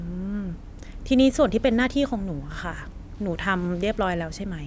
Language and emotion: Thai, neutral